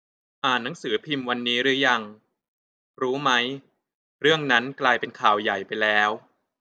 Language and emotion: Thai, neutral